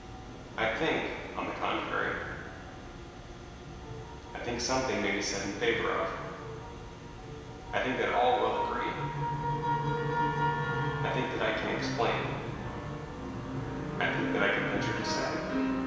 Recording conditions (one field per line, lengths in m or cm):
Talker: one person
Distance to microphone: 1.7 m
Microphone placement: close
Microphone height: 1.0 m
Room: very reverberant, large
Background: music